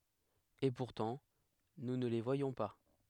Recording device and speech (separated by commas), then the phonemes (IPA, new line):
headset microphone, read sentence
e puʁtɑ̃ nu nə le vwajɔ̃ pa